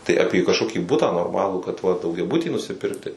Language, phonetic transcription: Lithuanian, tai apie kažˈkokį ˈbutą norˈmalų kad va daugiaˈbutį nusiˈpirkti

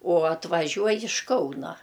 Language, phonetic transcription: Lithuanian, o atvaˈžiuoj iš ˈkauna

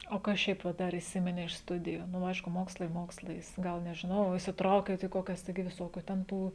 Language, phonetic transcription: Lithuanian, o ˈkas ˈšiaip va ˈdar įˈsimine iš ˈstudijų nu ˈaišku ˈmokslai ˈmokslais ˈgal nežiˈnau įsitˈraukėt į ˈkokias ˈtaigi viˈsokiu ten ˈtų

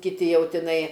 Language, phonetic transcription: Lithuanian, kiˈti ˈjau tiˈnai

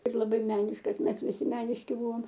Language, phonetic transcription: Lithuanian, ir laˈbai ˈmeniškas ˈmes viˈsi ˈmeniški ˈbuvom

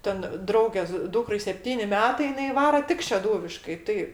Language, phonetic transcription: Lithuanian, ˈten ˈdraugės ˈdūkrai sepˈtyni ˈmetai jiˈnai ˈvaro ˈtik šeˈdūviškai ˈtai

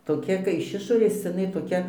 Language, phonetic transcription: Lithuanian, toˈkia kai iš ˈišorės iˈnai toˈkia

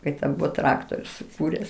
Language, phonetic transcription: Lithuanian, ˈkai ten ˈbuvo ˈtraktoriu suˈkūres

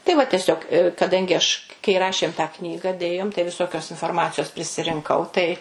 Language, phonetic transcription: Lithuanian, tai va teˈsiog kaˈdangi aš kai ˈrašėm tą ˈknyga ˈdėjom tai viˈsokios inforˈmacijos prisirinˈkau tai

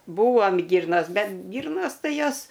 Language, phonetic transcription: Lithuanian, ˈbūvom ˈgyrnas ˈbet ˈgyrnos ˈtai ˈjos

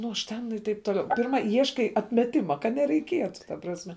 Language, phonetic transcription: Lithuanian, nu ˈaš ten ir ˈtaip toˈliau pirˈma ˈieškai atmeˈtima kad nereiˈkietu ta prasˈme

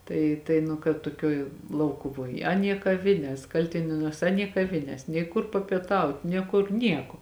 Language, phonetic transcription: Lithuanian, ˈtai tai nu kad tuoˈkioj ˈlaukuvoj ˈaˌnie kaˈvines ˈkaltinėnuos ˈaˌnie kaˈvinės nei ˈkur papieˈtaut nė ˈkur ˈnieko

